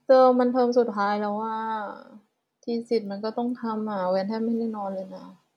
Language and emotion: Thai, frustrated